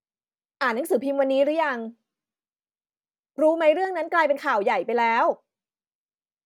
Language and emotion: Thai, frustrated